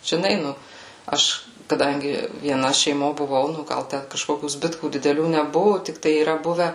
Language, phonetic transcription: Lithuanian, žiˈnai ˈnu ˈaš kaˈdangi vieˈna šeiˈmo buˈvau nu ˈgal ˈten kažˈkokių ˈzbitkų dideˈlių neˈbuvu tikˈtai yˈra ˈbuve

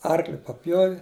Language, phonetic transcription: Lithuanian, ˈarkli paˈpjovi

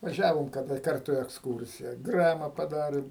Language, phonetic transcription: Lithuanian, vaˈžiavom kaˈda ˈkartu i eksˈkūrsija ˈgrama paˈdarėm

